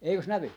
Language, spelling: Finnish, eikös näy
- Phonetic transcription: 'eikös "nävy ?

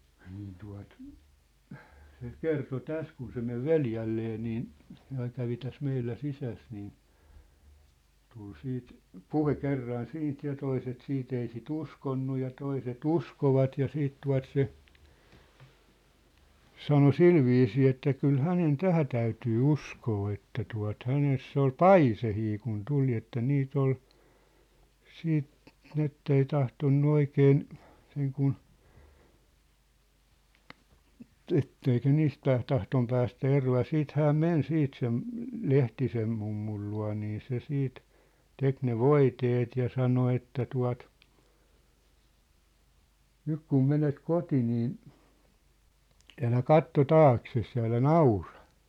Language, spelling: Finnish, niin tuota se kertoi tässä kun se meni veljelleen niin se aina kävi tässä meillä sisässä niin tuli sitten puhe kerran siitä ja toiset sitten ei sitä uskonut ja toiset uskoivat ja sitten tuota se sanoi sillä viisiin että kyllä hänen tähän täytyy uskoa että tuota hänessä oli paiseita kun tuli että niitä oli sitten niin että ei tahtonut oikein sen kun että ei se niistä tahtonut päästä eroon ja sitten hän meni sitten sen Lehtisen mummun luo niin se sitten teki ne voiteet ja sanoi että tuota nyt kun menet kotiin niin älä katso taaksesi ja älä naura
- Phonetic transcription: niin tua̭t , se "kerto "täs kun se 'mev "veljällee niin , se aiŋ kävi täs 'meillä 'sisäs nii , 'tul 'siit , "puhe 'kerran 'siint ja 'toiset 'siit ‿ei si"t ‿uskonnu ja 'toise"t ‿uskovat ja 'siit 'tua̭t 'se , 'sano "silviisii että 'kyl "hänen "tähä täytyy "uskoo että tua̭t , 'häness ‿ol "paisehii kun 'tuli että 'niit ‿ol , 'siit , 'nĭn ‿ettei 'tahtonnu 'oikeen , seŋ kun , 'ettei se 'niistä 'tahtom päästä "eroo ja 'siit 'hääm "men 'siit sem̳ , "Lehtisem mummul lua̭ nii 'se 'siit , 'tek ne "voiteet ja 'sano 'että 'tua̭t , » "nyk kum "menet "koti niin̬ , 'älä "katto "taakses ja älä "naurᴀ ! «

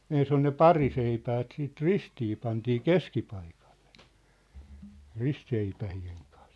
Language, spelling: Finnish, ensin on ne pariseipäät sitten ristiin pantiin keskipaikalle ristiseipäiden kanssa
- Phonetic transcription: 'ens ‿on ne "pariseipäät siit "ristii pantii "keskipaikᴀʟʟᴇ , 'ristseipähi₍eŋ kᴀᴀ .

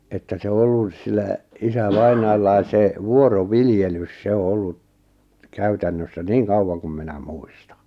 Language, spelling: Finnish, että se on ollut sillä isävainajallakin se vuoroviljelys se on ollut käytännössä niin kauan kuin minä muistan
- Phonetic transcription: että se ᵒ 'ollus sillä , 'isä"vainaallais se 'vuoro"viljelys 'se o 'ollu , 'käytännössä "niiŋ "kau(w)aŋ kum 'minä "muistᴀ .

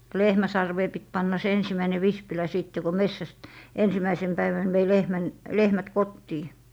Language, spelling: Finnish, lehmän sarveen piti panna se ensimmäinen vispilä sitten kun metsästä ensimmäisenä päivänä vei lehmän lehmät kotiin
- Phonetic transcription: "lehmä 'sarvee 'pit 'panna se 'ensimmäine 'vispilä 'sìtte ko "messäst , 'ensimäisen 'päivän vei "lehmän , "lehmät 'kottii .

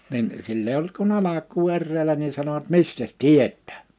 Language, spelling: Finnish, niin sillä ei ollut kuin alkua eräillä niin sanoivat mistäs tietää
- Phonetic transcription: nin , 'sill ‿eij ‿ollut kun 'alak̀uu 'erräelä ni 'sanovat » "mistäs "tiet̆tää « .

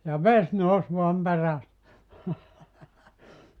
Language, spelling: Finnish, ja vesi nousi vain perässä
- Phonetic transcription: ja "ves 'nous voam 'peräs .

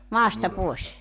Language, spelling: Finnish, maasta pois
- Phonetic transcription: 'maasta 'pòes .

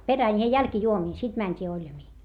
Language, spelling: Finnish, perään ja jälkijuomiin sitten mentiin oljamiin
- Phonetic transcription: perän ja jälkⁱjuomiin sit mäńt́ii oĺjamii .

